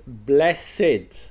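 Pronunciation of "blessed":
'Blessed' is pronounced the way the adjective is said, not the way the verb is said.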